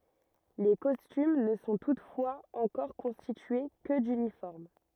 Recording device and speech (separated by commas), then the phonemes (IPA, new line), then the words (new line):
rigid in-ear microphone, read sentence
le kɔstym nə sɔ̃ tutfwaz ɑ̃kɔʁ kɔ̃stitye kə dynifɔʁm
Les costumes ne sont toutefois encore constitués que d'uniformes.